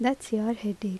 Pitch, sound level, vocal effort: 220 Hz, 77 dB SPL, normal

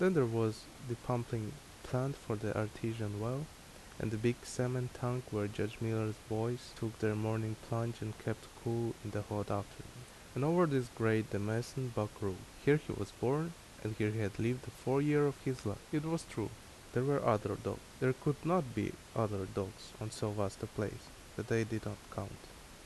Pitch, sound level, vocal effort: 115 Hz, 76 dB SPL, normal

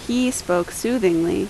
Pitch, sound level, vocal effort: 200 Hz, 81 dB SPL, loud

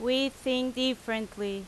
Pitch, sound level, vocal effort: 250 Hz, 88 dB SPL, very loud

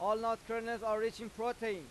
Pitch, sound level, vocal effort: 225 Hz, 100 dB SPL, very loud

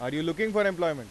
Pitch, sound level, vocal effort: 165 Hz, 98 dB SPL, very loud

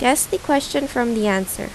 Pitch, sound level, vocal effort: 255 Hz, 82 dB SPL, normal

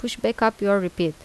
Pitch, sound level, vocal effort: 200 Hz, 82 dB SPL, normal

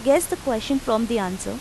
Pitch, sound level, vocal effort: 245 Hz, 87 dB SPL, normal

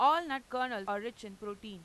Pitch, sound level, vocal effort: 230 Hz, 97 dB SPL, loud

